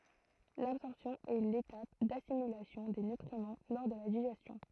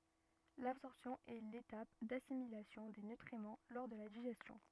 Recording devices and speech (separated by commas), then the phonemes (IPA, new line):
throat microphone, rigid in-ear microphone, read sentence
labsɔʁpsjɔ̃ ɛ letap dasimilasjɔ̃ de nytʁimɑ̃ lɔʁ də la diʒɛstjɔ̃